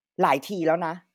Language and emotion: Thai, angry